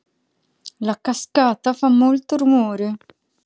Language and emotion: Italian, angry